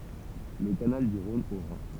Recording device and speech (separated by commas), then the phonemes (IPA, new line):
temple vibration pickup, read sentence
lə kanal dy ʁɔ̃n o ʁɛ̃